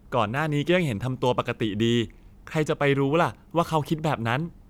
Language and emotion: Thai, neutral